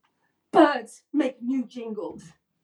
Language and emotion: English, angry